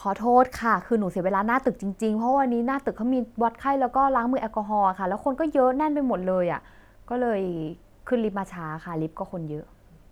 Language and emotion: Thai, frustrated